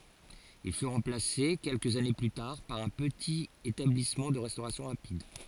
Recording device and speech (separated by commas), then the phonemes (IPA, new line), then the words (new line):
forehead accelerometer, read sentence
il fy ʁɑ̃plase kɛlkəz ane ply taʁ paʁ œ̃ pətit etablismɑ̃ də ʁɛstoʁasjɔ̃ ʁapid
Il fut remplacé quelques années plus tard par un petit établissement de restauration rapide.